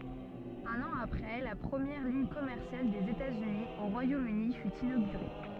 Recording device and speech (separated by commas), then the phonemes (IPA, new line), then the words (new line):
soft in-ear microphone, read sentence
œ̃n ɑ̃ apʁɛ la pʁəmjɛʁ liɲ kɔmɛʁsjal dez etatsyni o ʁwajomøni fy inoɡyʁe
Un an après, la première ligne commerciale des États-Unis au Royaume-Uni fut inaugurée.